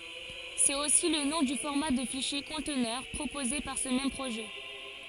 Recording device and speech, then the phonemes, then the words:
forehead accelerometer, read sentence
sɛt osi lə nɔ̃ dy fɔʁma də fiʃje kɔ̃tnœʁ pʁopoze paʁ sə mɛm pʁoʒɛ
C’est aussi le nom du format de fichier conteneur proposé par ce même projet.

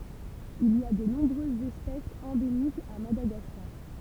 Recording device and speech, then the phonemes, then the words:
temple vibration pickup, read sentence
il i a də nɔ̃bʁøzz ɛspɛsz ɑ̃demikz a madaɡaskaʁ
Il y a de nombreuses espèces endémiques à Madagascar.

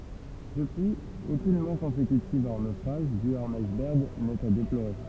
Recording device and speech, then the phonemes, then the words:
temple vibration pickup, read sentence
dəpyiz okyn mɔʁ kɔ̃sekytiv a œ̃ nofʁaʒ dy a œ̃n ajsbɛʁɡ nɛt a deploʁe
Depuis, aucune mort consécutive à un naufrage dû à un iceberg n'est à déplorer.

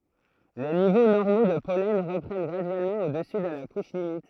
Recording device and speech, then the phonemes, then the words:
throat microphone, read sentence
le nivo nɔʁmo də pɔlɛn ʁəpʁɛn ɡʁadyɛlmɑ̃ odəsy də la kuʃ limit
Les niveaux normaux de pollen reprennent graduellement au-dessus de la couche limite.

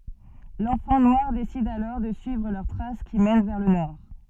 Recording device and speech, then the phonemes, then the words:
soft in-ear microphone, read sentence
lɑ̃fɑ̃ nwaʁ desid alɔʁ də syivʁ lœʁ tʁas ki mɛn vɛʁ lə nɔʁ
L'enfant noir décide alors de suivre leurs traces qui mènent vers le nord.

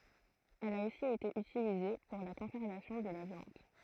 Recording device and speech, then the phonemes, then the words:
throat microphone, read sentence
ɛl a osi ete ytilize puʁ la kɔ̃sɛʁvasjɔ̃ də la vjɑ̃d
Elle a aussi été utilisée pour la conservation de la viande.

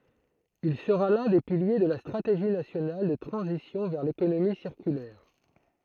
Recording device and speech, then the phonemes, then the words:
throat microphone, read sentence
il səʁa lœ̃ de pilje də la stʁateʒi nasjonal də tʁɑ̃zisjɔ̃ vɛʁ lekonomi siʁkylɛʁ
Il sera l'un des piliers de la Stratégie nationale de transition vers l'économie circulaire.

